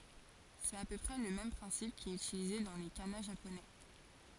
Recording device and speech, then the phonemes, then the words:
forehead accelerometer, read sentence
sɛt a pø pʁɛ lə mɛm pʁɛ̃sip ki ɛt ytilize dɑ̃ le kana ʒaponɛ
C'est à peu près le même principe qui est utilisé dans les kana japonais.

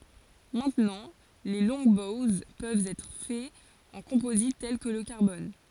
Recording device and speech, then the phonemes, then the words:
forehead accelerometer, read sentence
mɛ̃tnɑ̃ leə lɔ̃ɡbowz pøvt ɛtʁ fɛz ɑ̃ kɔ̃pozit tɛl kə lə kaʁbɔn
Maintenant les Longbows peuvent être faits en composite tel que le carbone.

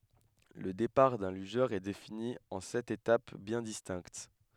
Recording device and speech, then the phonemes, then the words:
headset microphone, read sentence
lə depaʁ dœ̃ lyʒœʁ ɛ defini ɑ̃ sɛt etap bjɛ̃ distɛ̃kt
Le départ d'un lugeur est défini en sept étapes bien distinctes.

